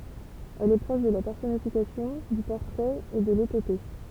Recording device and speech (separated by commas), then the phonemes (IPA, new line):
temple vibration pickup, read sentence
ɛl ɛ pʁɔʃ də la pɛʁsɔnifikasjɔ̃ dy pɔʁtʁɛt e də letope